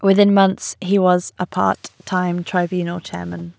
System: none